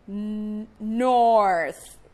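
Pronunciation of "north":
'North' is pronounced correctly here.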